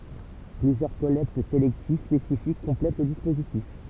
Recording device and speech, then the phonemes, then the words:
temple vibration pickup, read sentence
plyzjœʁ kɔlɛkt selɛktiv spesifik kɔ̃plɛt lə dispozitif
Plusieurs collectes sélectives spécifiques complètent le dispositif.

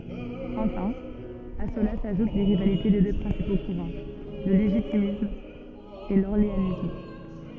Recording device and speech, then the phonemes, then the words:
soft in-ear microphone, read sentence
ɑ̃fɛ̃ a səla saʒut le ʁivalite de dø pʁɛ̃sipo kuʁɑ̃ lə leʒitimist e lɔʁleanist
Enfin, à cela s’ajoutent les rivalités des deux principaux courants, le légitimiste et l’orléaniste.

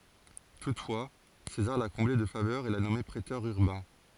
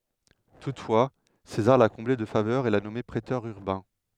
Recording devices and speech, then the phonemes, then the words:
forehead accelerometer, headset microphone, read sentence
tutfwa sezaʁ la kɔ̃ble də favœʁz e la nɔme pʁetœʁ yʁbɛ̃
Toutefois, César l’a comblé de faveurs et l’a nommé préteur urbain.

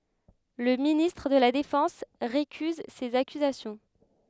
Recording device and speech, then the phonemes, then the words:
headset microphone, read sentence
lə ministʁ də la defɑ̃s ʁekyz sez akyzasjɔ̃
Le ministre de la Défense récuse ces accusations.

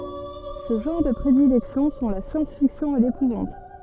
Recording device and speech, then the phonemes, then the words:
soft in-ear microphone, read sentence
se ʒɑ̃ʁ də pʁedilɛksjɔ̃ sɔ̃ la sjɑ̃sfiksjɔ̃ e lepuvɑ̃t
Ses genres de prédilection sont la science-fiction et l’épouvante.

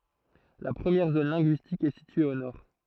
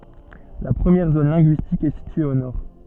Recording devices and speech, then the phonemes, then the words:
throat microphone, soft in-ear microphone, read sentence
la pʁəmjɛʁ zon lɛ̃ɡyistik ɛ sitye o nɔʁ
La première zone linguistique est située au nord.

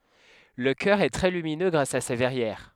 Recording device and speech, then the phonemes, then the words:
headset microphone, read sentence
lə kœʁ ɛ tʁɛ lyminø ɡʁas a se vɛʁjɛʁ
Le chœur est très lumineux grâce à ses verrières.

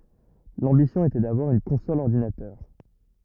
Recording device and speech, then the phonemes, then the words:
rigid in-ear microphone, read sentence
lɑ̃bisjɔ̃ etɛ davwaʁ yn kɔ̃sɔl ɔʁdinatœʁ
L'ambition était d'avoir une console-ordinateur.

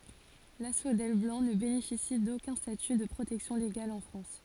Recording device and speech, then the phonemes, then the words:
forehead accelerometer, read sentence
lasfodɛl blɑ̃ nə benefisi dokœ̃ staty də pʁotɛksjɔ̃ leɡal ɑ̃ fʁɑ̃s
L'asphodèle blanc ne bénéficie d'aucun statut de protection légale en France.

